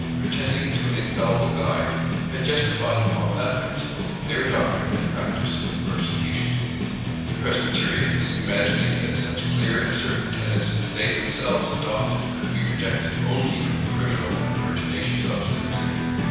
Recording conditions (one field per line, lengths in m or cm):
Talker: one person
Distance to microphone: 7.1 m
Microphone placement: far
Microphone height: 1.7 m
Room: very reverberant, large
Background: music